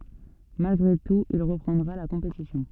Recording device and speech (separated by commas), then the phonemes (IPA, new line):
soft in-ear microphone, read sentence
malɡʁe tut il ʁəpʁɑ̃dʁa la kɔ̃petisjɔ̃